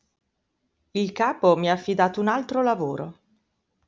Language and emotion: Italian, neutral